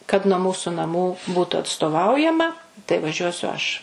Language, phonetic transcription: Lithuanian, kad nuo ˈmūsu naˈmų ˈbūtu atstoˈvaujama tai vaˈžiuosiu ˈaš

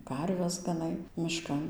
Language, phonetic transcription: Lithuanian, ˈkarves gaˈnai miˈškan

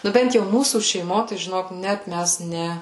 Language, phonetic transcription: Lithuanian, ˈnu ˈbent jau ˈmūsų šeiˈmo tai žiˈnok ˈnet ˈmæs ˈne

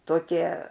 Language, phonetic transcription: Lithuanian, toˈkie

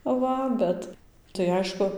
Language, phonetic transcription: Lithuanian, ˈva ˈbet tai ˈaišku

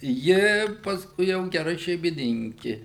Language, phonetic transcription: Lithuanian, ˈji pasˈkui jau geˈra šeimiˈninki

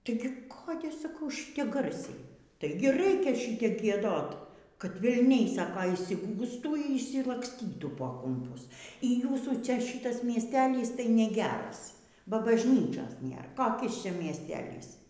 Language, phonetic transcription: Lithuanian, ˈtaigi ˈkode saˈkau ˈšyte ˈgarsiai ˈtaigi ˈraikia ˈšitep gieˈdot kad velˈniai ˈsako išsiˈgųstų y išsilaksˈtytų po kumˈpus y ˈjūsų ˈčia ˈšitas miesˈtelys tai neˈgeras ba bažˈnyčios ˈnėr koˈkis ˈčia miesˈtelys

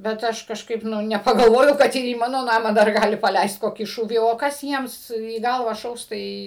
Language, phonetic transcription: Lithuanian, bet ˈaš kažˈkaip ˈnu nepagalˈvojau ˈkad ir į ˈmano ˈnamą dar ˈgali paˈleist ˈkokį ˈšūvį o ˈkas ˈjiems į ˈgalvą ˈšaus ˈtai

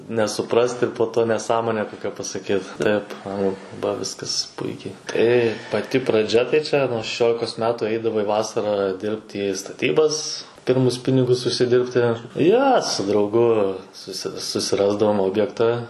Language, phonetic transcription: Lithuanian, nesuˈprast ir po ˈto neˈsąmone ˈkokia pasaˈkyt ˈtaip ˈanglu ba ˈviskas ˈpuikiai ˈtai paˈti praˈdžia tai ˈčia nuo šeˈšiolikos ˈmetu ˈeidavai ˈvasarą ˈdirbt ˈį staˈtybas ˈpirmus ˈpinigus užsiˈdirbti ˈjo su drauˈgu ˈsusi susiˈrasdavom ˈobjekta

